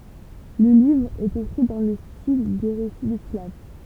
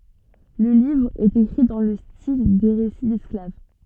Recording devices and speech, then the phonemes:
temple vibration pickup, soft in-ear microphone, read sentence
lə livʁ ɛt ekʁi dɑ̃ lə stil de ʁesi dɛsklav

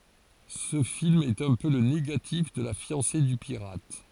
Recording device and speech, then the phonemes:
forehead accelerometer, read sentence
sə film ɛt œ̃ pø lə neɡatif də la fjɑ̃se dy piʁat

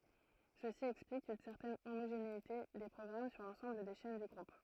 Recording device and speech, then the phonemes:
throat microphone, read sentence
səsi ɛksplik yn sɛʁtɛn omoʒeneite de pʁɔɡʁam syʁ lɑ̃sɑ̃bl de ʃɛn dy ɡʁup

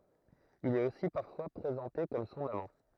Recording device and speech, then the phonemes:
throat microphone, read sentence
il ɛt osi paʁfwa pʁezɑ̃te kɔm sɔ̃n amɑ̃

